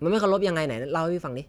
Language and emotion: Thai, neutral